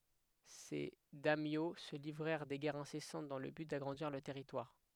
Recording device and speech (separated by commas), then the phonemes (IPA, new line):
headset microphone, read sentence
se dɛmjo sə livʁɛʁ de ɡɛʁz ɛ̃sɛsɑ̃t dɑ̃ lə byt daɡʁɑ̃diʁ lœʁ tɛʁitwaʁ